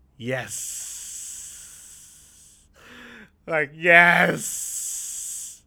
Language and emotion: Thai, happy